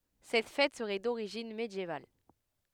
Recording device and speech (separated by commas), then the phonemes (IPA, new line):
headset microphone, read sentence
sɛt fɛt səʁɛ doʁiʒin medjeval